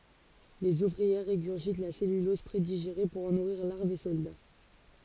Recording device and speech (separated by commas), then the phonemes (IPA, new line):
forehead accelerometer, read sentence
lez uvʁiɛʁ ʁeɡyʁʒit la sɛlylɔz pʁediʒeʁe puʁ ɑ̃ nuʁiʁ laʁvz e sɔlda